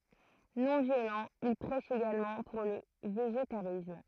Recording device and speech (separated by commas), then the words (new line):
throat microphone, read sentence
Non-violent, il prêche également pour le végétarisme.